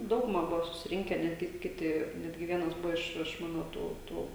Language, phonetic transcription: Lithuanian, ˈdauguma ˈbuvo susiˈrinke ˈnetgi ˈkiti ˈnetgi ˈvienas ˈbuvo iš iš ˈmano ˈtų ˈtų

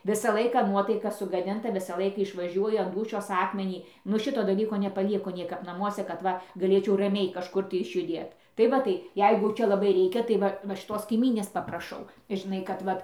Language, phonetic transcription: Lithuanian, ˈvisa ˈlaika ˈnuotaika sugaˈdinta ˈvisa ˈlaika išvaˈžiuoju an ˈdūšios ˈakmenį nu ˈšito daˈlyko nepaˈvyko ˈniekap naˈmuose kad ˈva gaˈlėčiau raˈmiai kažˈkur tai išjuˈdėt tai ˈva tai ˈjeigu ˈčia laˈbai ˈreikia tai ˈva va šiˈtos kaiˈmynės papraˈšau žiˈnai kad ˈvat

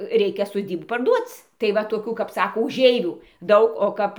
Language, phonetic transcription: Lithuanian, ˈreikia soˈdybų parˈduoc tai va toˈkių kap ˈsako uˈžeivių ˈdaug o ˈkap

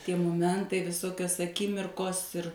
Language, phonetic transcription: Lithuanian, ˈtie moˈmentai viˈsokios aˈkimirkos ir

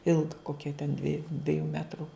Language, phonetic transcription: Lithuanian, ˈilga ˈkokia ten ˈdvieju ˈdviejų ˈmetru

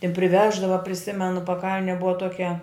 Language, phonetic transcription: Lithuanian, i priˈveždava priˈsimenu paˈkalne ˈbuva toˈkia

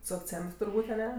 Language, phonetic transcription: Lithuanian, su akˈcent turˈbūt' aˈne

